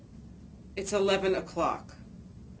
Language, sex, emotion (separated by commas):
English, female, neutral